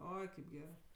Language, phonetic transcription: Lithuanian, ˈoi kaip ˈgerɜ

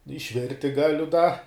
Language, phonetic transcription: Lithuanian, išˈvirti ˈgaliu da

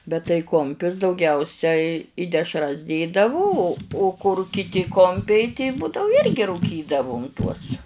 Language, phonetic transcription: Lithuanian, bet tai ˈkumpius dauˈgiausiai i dešˈras ˈdėdavu o o kur kiˈti ˈkompiai ti ˈbūdau ˈirgi rūˈkydavum tuos

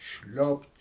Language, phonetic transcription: Lithuanian, ˈšliopt

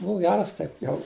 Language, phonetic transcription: Lithuanian, ˈbuu ˈgeras ˈtaip ˈjau

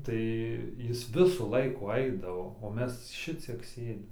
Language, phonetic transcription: Lithuanian, ˈtai ˈjis ˈvisų ˈlaikų ˈaidavo o ˈmes ˈšiciek ˈsėdim

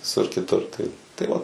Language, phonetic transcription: Lithuanian, viˈsur kiˈtur tai tai ˈva

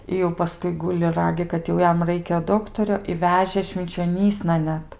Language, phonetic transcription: Lithuanian, i jau ˈpaskui ˈguli ˈragi kad jau ˈjam ˈraikia ˈdoktorio i ˈvežė švinčioˈnysna ˈnet

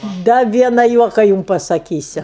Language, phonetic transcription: Lithuanian, ˈda ˈviena ˈjuoka ˈjum pasaˈkysiu

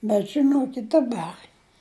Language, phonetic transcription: Lithuanian, bet žiˈnokit' daˈbar

